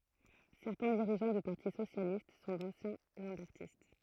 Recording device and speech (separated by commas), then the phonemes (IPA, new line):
throat microphone, read sentence
sɛʁtɛ̃ diʁiʒɑ̃ dy paʁti sosjalist sɔ̃ dɑ̃sjɛ̃ lɑ̃bɛʁtist